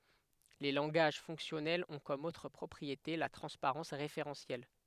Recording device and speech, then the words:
headset microphone, read sentence
Les langages fonctionnels ont comme autre propriété la transparence référentielle.

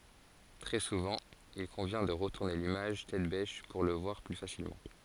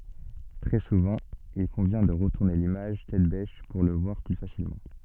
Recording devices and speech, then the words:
forehead accelerometer, soft in-ear microphone, read sentence
Très souvent, il convient de retourner l'image tête-bêche pour le voir plus facilement.

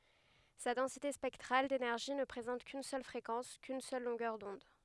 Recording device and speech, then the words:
headset microphone, read sentence
Sa densité spectrale d'énergie ne présente qu'une seule fréquence, qu'une seule longueur d'onde.

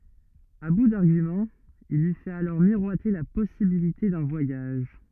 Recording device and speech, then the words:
rigid in-ear microphone, read sentence
À bout d'arguments, il lui fait alors miroiter la possibilité d'un voyage.

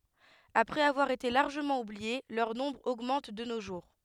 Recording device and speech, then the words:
headset microphone, read sentence
Après avoir été largement oubliées, leur nombre augmente de nos jours.

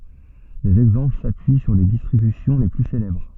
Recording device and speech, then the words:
soft in-ear microphone, read sentence
Des exemples s'appuient sur les distributions les plus célèbres.

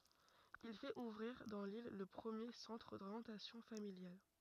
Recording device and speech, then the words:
rigid in-ear microphone, read sentence
Il fait ouvrir dans l'île le premier centre d'orientation familiale.

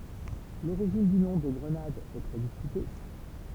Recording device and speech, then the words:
temple vibration pickup, read sentence
L'origine du nom de Grenade est très discutée.

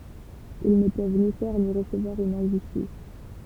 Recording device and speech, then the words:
temple vibration pickup, read sentence
Ils ne peuvent ni faire ni recevoir une injustice.

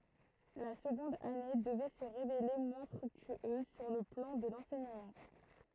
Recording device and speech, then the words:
throat microphone, read sentence
La seconde année devait se révéler moins fructueuse sur le plan de l’enseignement.

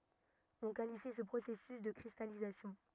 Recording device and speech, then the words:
rigid in-ear microphone, read sentence
On qualifie ce processus de cristallisation.

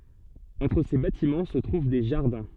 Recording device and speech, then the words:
soft in-ear microphone, read sentence
Entre ces bâtiments se trouvent des jardins.

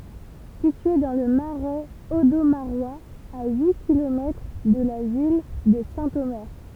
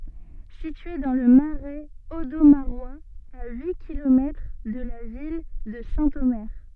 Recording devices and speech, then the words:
temple vibration pickup, soft in-ear microphone, read sentence
Située dans le Marais audomarois, à huit kilomètres de la ville de Saint-Omer.

